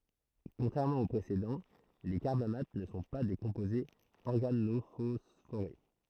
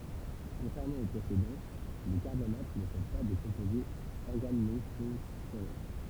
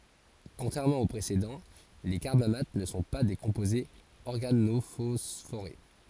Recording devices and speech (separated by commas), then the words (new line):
throat microphone, temple vibration pickup, forehead accelerometer, read sentence
Contrairement aux précédents, les carbamates ne sont pas des composés organophosphorés.